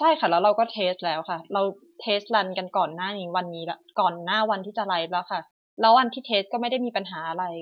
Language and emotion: Thai, frustrated